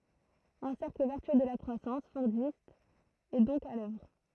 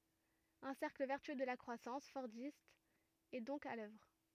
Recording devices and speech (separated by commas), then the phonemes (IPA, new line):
throat microphone, rigid in-ear microphone, read sentence
œ̃ sɛʁkl vɛʁtyø də la kʁwasɑ̃s fɔʁdist ɛ dɔ̃k a lœvʁ